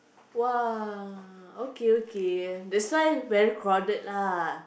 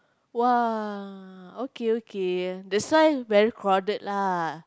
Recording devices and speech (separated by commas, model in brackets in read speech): boundary microphone, close-talking microphone, conversation in the same room